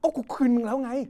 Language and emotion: Thai, angry